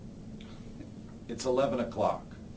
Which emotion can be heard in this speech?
neutral